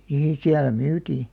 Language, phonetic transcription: Finnish, 'nii siälä "myytii .
- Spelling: niin siellä myytiin

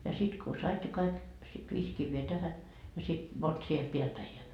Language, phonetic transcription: Finnish, ja 'sit ko "sait ne 'kaik , sit 'viis kivvee 'tähä , ja sit , 'mont siel 'piäl päi ja .
- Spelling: ja sitten kun sait ne kaikki sitten viisi kiveä tähän ja sitten monta siellä päällä päin ja

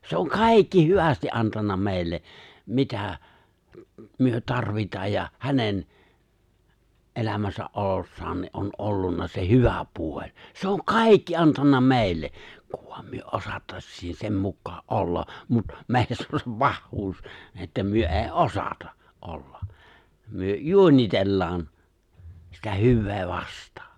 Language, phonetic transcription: Finnish, se oŋ "kài̬kki 'hyvästi’ '’antanna 'mè̬i̬lle , 'mitä , myö 'tarvitaaj ja , 'hänen , '’elämäsä’ ’olossaan ni’ ’on '’ollunna se 'hyvä puo͕ĺ , se oŋ "kài̬kki 'antanna 'mè̬i̬lle , 'kᴜᴠ ᴠᴏᴀᴍ ᴍʏö '’ᴏsᴀttaśsiin 'sem mukkaa’ '’olla , mut , 'mèiss ‿on se "pahhuus , että myö èi "’osata , '’olla , 'myö , "juońitellaan , sitä 'hyvvee vast̀ᴀᴀ .
- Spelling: se on kaikki hyvästi antanut meille mitä me tarvitaan ja hänen elämässä olossaan niin on ollut se hyvä puoli se on kaikki antanut meille kun vain me osattaisiin sen mukaan olla mutta meissä on se pahuus että me ei osata olla me juonitellaan sitä hyvää vastaan

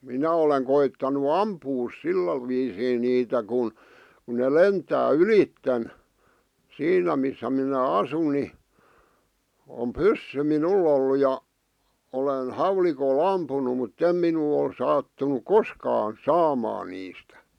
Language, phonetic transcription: Finnish, 'minä oleŋ koittanu "ampuus 'sillä viisiin niitä kun , ku ne "lentää "ylitten , 'siinä missä minä 'asun ni , om "pyssy 'minul ‿ollu ja , 'olen , "hauliko"l ‿ampunu mut"t ‿em minul ‿ol 'sa̳a̳ttunuk "koskaan̬ "saamaan niistᴀ̈ .
- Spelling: minä olen koettanut ampua sillä viisiin niitä kun kun ne lentää ylitse siinä missä minä asun niin on pyssy minulla ollut ja olen haulikolla ampunut mutta ei minulle ole sattunut koskaan saamaan niistä

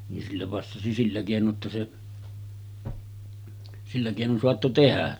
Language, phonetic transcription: Finnish, nin sillä passasi 'sillä kèino’ ’että se , sillä kèinon 'soatto "tehä .
- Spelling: niin sillä passasi sillä keinoin että se sillä keinoin saattoi tehdä

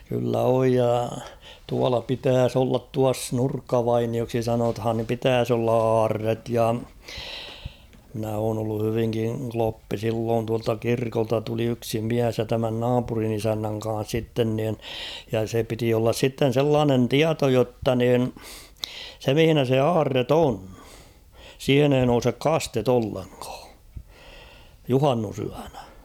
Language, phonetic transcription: Finnish, kyllä 'oj ja , 'tuala 'pitääs ‿ollat "tuas "Nurkka'vainioksi 'sanothan (nim) 'pitääs ‿olla "aarret ja , mᵎnä oon ‿ollu 'hyviŋkiŋ "kloppi "silloon tualta 'kirkolta tuli 'yksi "miäs ja 'tämän "naapurin ‿'isännäŋ ka̰a̰s 'sitten nìn , ja se 'piti ollas 'sitten̬ 'sellaanen "tiato jotta nìn , se 'mⁱhinä se "aarret ‿'on , 'siihen ‿ei nousek "kastet ‿'olleŋkᴀᴀ , "juhannusyäɴᴀ̈ .
- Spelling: kyllä on ja tuolla pitäisi olla tuossa Nurkkavainioksi sanotaan niin pitäisi olla aarre ja minä olen ollut hyvinkin kloppi silloin tuolta kirkolta tuli yksi mies ja tämän naapurin isännän kanssa sitten niin ja se piti olla sitten sellainen tieto jotta niin se missä se aarre on siihen ei nouse kaste ollenkaan juhannusyönä

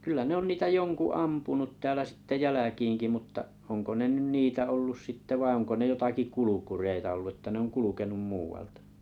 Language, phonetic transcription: Finnish, kyl̆lä 'ne ‿on 'niitä "joŋku "ampunut 'täälä sⁱtte "jäläkiiŋki mutta’ , 'oŋko ne 'nyn "niitä 'ollus 'sitte vai oŋko 'ne 'jotaki "kulukureita ollu ᵉttä 'ne oŋ 'kulukenum 'muu₍altᴀ .
- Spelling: kyllä ne on niitä jonkun ampunut täällä sitten jälkiinkin mutta onko ne nyt niitä ollut sitten vai onko ne jotakin kulkureita ollut että ne on kulkenut muualta

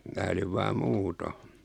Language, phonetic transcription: Finnish, 'mää oliv 'vaa "muuto .
- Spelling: minä olin vain muuten

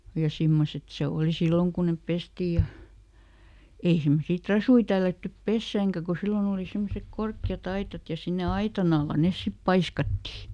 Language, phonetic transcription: Finnish, ja ˈsimmoset ˈse ˈòli "silloŋ kun nep ˈpestii ja , ˈei semmosii "trasui tällättyp ˈpessääŋkä ku ˈsillon ‿òli ˈsemmosek "korkki₍a"t ‿aitat ja ˈsinne "aitan ‿alla ˈnes ˈsip "paiskatti .
- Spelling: ja semmoiset se oli silloin kun ne pestiin ja ei semmoisia trasuja tällätty pesäänkään kun silloin oli semmoiset korkeat aitat ja sinne aitan alla ne sitten paiskattiin

